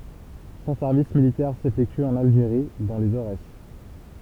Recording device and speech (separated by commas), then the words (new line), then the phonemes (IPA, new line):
temple vibration pickup, read sentence
Son service militaire s'effectue en Algérie, dans les Aurès.
sɔ̃ sɛʁvis militɛʁ sefɛkty ɑ̃n alʒeʁi dɑ̃ lez oʁɛs